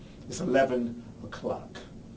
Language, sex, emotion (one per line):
English
male
disgusted